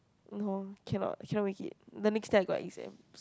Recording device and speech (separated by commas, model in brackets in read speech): close-talking microphone, conversation in the same room